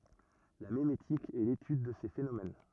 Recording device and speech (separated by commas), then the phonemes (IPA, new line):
rigid in-ear microphone, read sentence
la memetik ɛ letyd də se fenomɛn